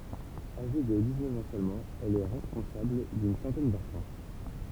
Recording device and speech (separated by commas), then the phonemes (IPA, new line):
temple vibration pickup, read sentence
aʒe də diksnœf ɑ̃ sølmɑ̃ ɛl ɛ ʁɛspɔ̃sabl dyn sɑ̃tɛn dɑ̃fɑ̃